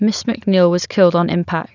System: none